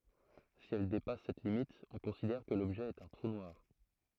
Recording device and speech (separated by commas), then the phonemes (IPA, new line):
throat microphone, read sentence
si ɛl depas sɛt limit ɔ̃ kɔ̃sidɛʁ kə lɔbʒɛ ɛt œ̃ tʁu nwaʁ